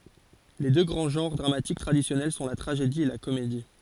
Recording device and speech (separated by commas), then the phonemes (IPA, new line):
forehead accelerometer, read sentence
le dø ɡʁɑ̃ ʒɑ̃ʁ dʁamatik tʁadisjɔnɛl sɔ̃ la tʁaʒedi e la komedi